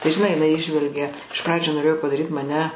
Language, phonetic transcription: Lithuanian, tai žiˈnai jiˈnai ˈįžvelgia iš ˈpradžių noˈrėjo padaˈryt maˈne

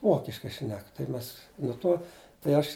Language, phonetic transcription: Lithuanian, ˈvokiškai ˈšnek tai ˈmes nu ˈto tai ˈaš

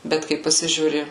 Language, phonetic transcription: Lithuanian, ˈbet kai paˈsižiūri

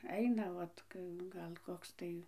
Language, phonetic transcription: Lithuanian, ˈaina ˈvat ˈgal ˈkoks tai

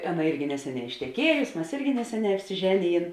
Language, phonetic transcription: Lithuanian, ˈaˌna ˈirgi ˈneseˌnē išteˈkiejusi mes ˈirgi ˈneseˌnē apsiˈženiˌjėn

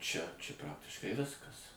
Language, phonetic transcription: Lithuanian, čia čia ˈpraktiškai ˈviskas

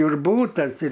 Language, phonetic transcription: Lithuanian, ir ˈbūtas ir

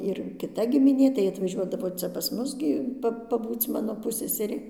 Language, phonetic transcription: Lithuanian, ir kiˈta gimiˈnė tai atvaˈžiuodavo ˈcia pas ˈmus gi ˈpa paˈbūc ˈmano ˈpusseserė

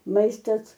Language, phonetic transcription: Lithuanian, ˈmaistas

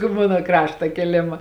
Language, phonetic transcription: Lithuanian, ˈmano ˈkrašta kėˈlėma

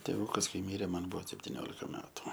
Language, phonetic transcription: Lithuanian, tėˈvūkas ˈkai ˈmyrė ˈman ˈbuvo septiˈniolika ˈmetu

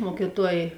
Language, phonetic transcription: Lithuanian, ˈmuokyˌtuoj

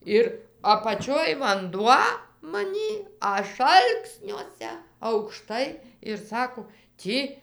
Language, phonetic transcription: Lithuanian, ˈir apaˈčioj vanˈduo maˈnį ˈaš ˈalksniuose aukˈštai ir ˈsako ˈtį

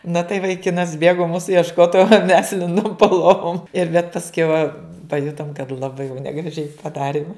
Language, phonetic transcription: Lithuanian, na tai vaiˈkinas ˈbėgo ˈmūsu iešˈkot o mes ˈlindum po ˈlovum ir bet pasˈkiau paˈjutom kad laˈbai jau negraˈžiai paˈdarim

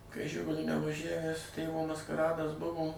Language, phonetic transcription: Lithuanian, kai ˈžiguliu nevaˈžævæs ˈtėvo maskaˈradas ˈbuvo

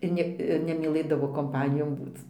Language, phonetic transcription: Lithuanian, ir ˈne ir nemyˈlɘdavo komˈpanijon ˈbūc

